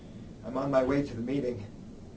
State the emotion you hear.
neutral